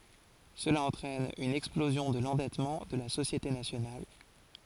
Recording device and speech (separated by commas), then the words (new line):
forehead accelerometer, read sentence
Cela entraîne une explosion de l’endettement de la société nationale.